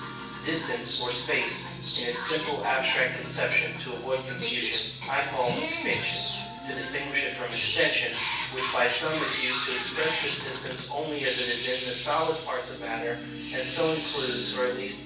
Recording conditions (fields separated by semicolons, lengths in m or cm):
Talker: one person; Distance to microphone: 9.8 m; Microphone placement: far; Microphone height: 1.8 m; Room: large; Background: television